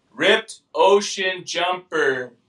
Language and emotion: English, neutral